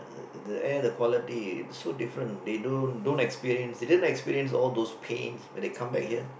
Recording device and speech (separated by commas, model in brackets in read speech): boundary microphone, conversation in the same room